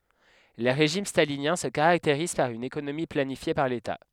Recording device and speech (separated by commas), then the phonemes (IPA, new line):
headset microphone, read sentence
le ʁeʒim stalinjɛ̃ sə kaʁakteʁiz paʁ yn ekonomi planifje paʁ leta